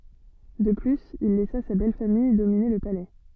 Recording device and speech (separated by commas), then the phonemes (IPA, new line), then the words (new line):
soft in-ear microphone, read sentence
də plyz il lɛsa sa bɛlfamij domine lə palɛ
De plus, il laissa sa belle-famille dominer le Palais.